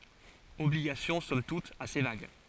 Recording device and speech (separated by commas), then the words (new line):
forehead accelerometer, read sentence
Obligations somme toute assez vagues.